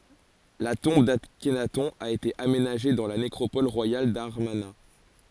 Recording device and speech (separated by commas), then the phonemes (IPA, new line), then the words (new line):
forehead accelerometer, read sentence
la tɔ̃b daknatɔ̃ a ete amenaʒe dɑ̃ la nekʁopɔl ʁwajal damaʁna
La tombe d'Akhenaton a été aménagée dans la nécropole royale d'Amarna.